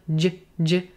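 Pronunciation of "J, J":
This is the j sound, the soft G consonant.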